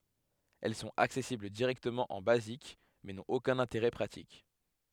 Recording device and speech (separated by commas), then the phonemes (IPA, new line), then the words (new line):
headset microphone, read sentence
ɛl sɔ̃t aksɛsibl diʁɛktəmɑ̃ ɑ̃ bazik mɛ nɔ̃t okœ̃n ɛ̃teʁɛ pʁatik
Elles sont accessibles directement en Basic, mais n'ont aucun intérêt pratique.